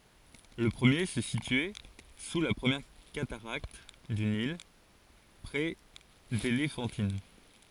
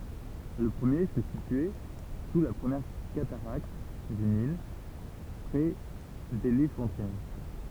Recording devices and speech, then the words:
forehead accelerometer, temple vibration pickup, read sentence
Le premier se situait sous la première cataracte du Nil, près d'Éléphantine.

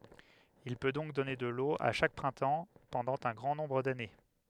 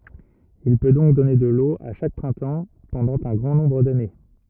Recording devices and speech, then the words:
headset microphone, rigid in-ear microphone, read sentence
Il peut donc donner de l'eau à chaque printemps pendant un grand nombre d'années.

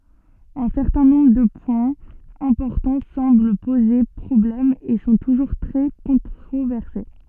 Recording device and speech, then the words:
soft in-ear microphone, read sentence
Un certain nombre de points importants semblent poser problème et sont toujours très controversés.

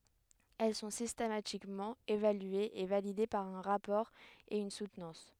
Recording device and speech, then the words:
headset microphone, read sentence
Elles sont systématiquement évaluées et validées par un rapport et une soutenance.

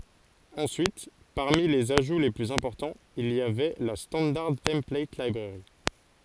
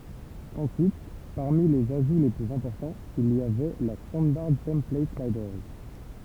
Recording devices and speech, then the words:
forehead accelerometer, temple vibration pickup, read sentence
Ensuite, parmi les ajouts les plus importants, il y avait la Standard Template Library.

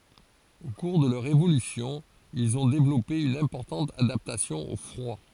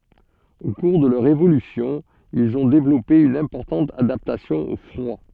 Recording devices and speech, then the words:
forehead accelerometer, soft in-ear microphone, read sentence
Au cours de leur évolution, ils ont développé une importante adaptation au froid.

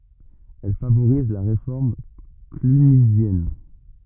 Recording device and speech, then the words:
rigid in-ear microphone, read sentence
Elle favorise la réforme clunisienne.

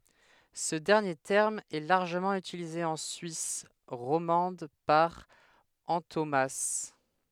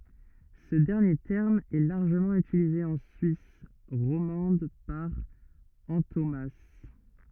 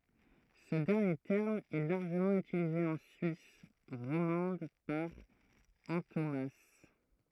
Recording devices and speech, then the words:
headset microphone, rigid in-ear microphone, throat microphone, read sentence
Ce dernier terme est largement utilisé en Suisse romande par antonomase.

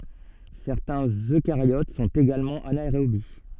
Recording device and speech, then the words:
soft in-ear microphone, read sentence
Certains Eucaryotes sont également anaérobies.

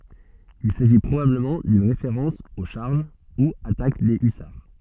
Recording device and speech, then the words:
soft in-ear microphone, read sentence
Il s’agit probablement d’une référence aux charges, ou attaques des hussards.

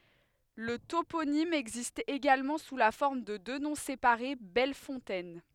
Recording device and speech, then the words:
headset microphone, read sentence
Le toponyme existe également sous la forme de deux noms séparés Belle Fontaine.

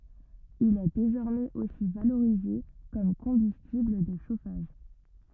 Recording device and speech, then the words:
rigid in-ear microphone, read sentence
Il est désormais aussi valorisé comme combustible de chauffage.

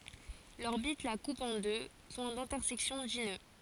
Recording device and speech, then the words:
forehead accelerometer, read sentence
L'orbite la coupe en deux points d'intersection dits nœuds.

